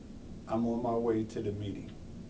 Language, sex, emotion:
English, male, neutral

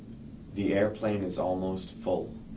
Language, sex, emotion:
English, male, neutral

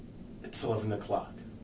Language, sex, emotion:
English, male, neutral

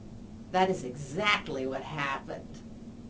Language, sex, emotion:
English, female, disgusted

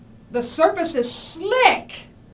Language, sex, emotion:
English, female, angry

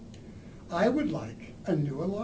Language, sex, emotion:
English, male, neutral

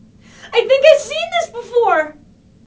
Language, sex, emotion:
English, female, fearful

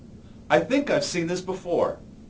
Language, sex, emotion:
English, male, neutral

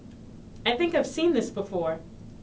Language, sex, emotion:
English, female, neutral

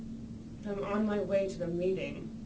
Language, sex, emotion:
English, female, disgusted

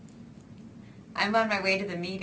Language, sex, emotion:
English, female, happy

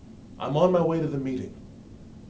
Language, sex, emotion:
English, male, neutral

